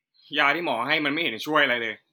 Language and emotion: Thai, frustrated